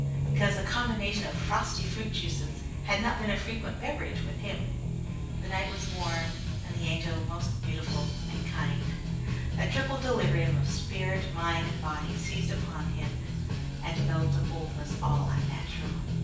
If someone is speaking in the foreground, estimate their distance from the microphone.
9.8 m.